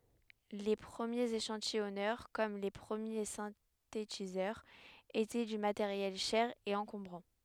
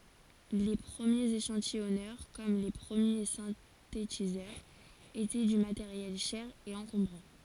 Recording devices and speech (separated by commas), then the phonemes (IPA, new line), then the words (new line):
headset microphone, forehead accelerometer, read sentence
le pʁəmjez eʃɑ̃tijɔnœʁ kɔm le pʁəmje sɛ̃tetizœʁz etɛ dy mateʁjɛl ʃɛʁ e ɑ̃kɔ̃bʁɑ̃
Les premiers échantillonneurs, comme les premiers synthétiseurs, étaient du matériel cher et encombrant.